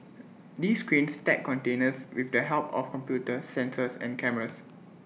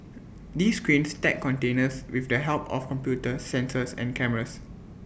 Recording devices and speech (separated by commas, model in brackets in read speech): mobile phone (iPhone 6), boundary microphone (BM630), read sentence